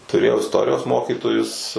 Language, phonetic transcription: Lithuanian, tuˈrėjau isˈtorijos ˈmokytojus

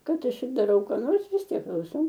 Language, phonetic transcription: Lithuanian, ˈkad ˈaš ir daˈrau ką ˈnors vis ˈtiek klauˈsau

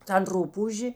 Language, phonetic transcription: Lithuanian, tan ˈrupūžė

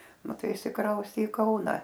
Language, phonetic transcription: Lithuanian, nu ˈtai išsiˈkraustė i ˈkauna

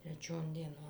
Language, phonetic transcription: Lithuanian, treˈčion dieˈnon

